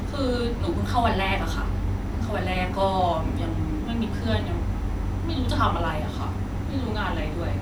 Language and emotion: Thai, frustrated